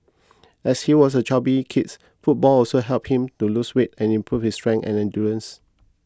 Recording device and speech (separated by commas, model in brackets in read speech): close-talking microphone (WH20), read sentence